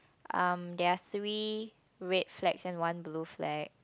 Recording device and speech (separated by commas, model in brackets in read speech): close-talking microphone, conversation in the same room